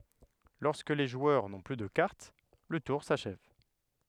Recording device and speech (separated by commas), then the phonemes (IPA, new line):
headset microphone, read sentence
lɔʁskə le ʒwœʁ nɔ̃ ply də kaʁt lə tuʁ saʃɛv